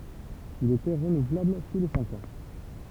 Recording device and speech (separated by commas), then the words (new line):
temple vibration pickup, read sentence
Il était renouvelable tous les cinq ans.